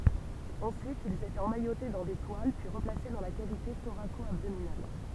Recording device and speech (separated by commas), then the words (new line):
temple vibration pickup, read sentence
Ensuite, ils étaient emmaillotés dans des toiles puis replacés dans la cavité thoraco-abdominale.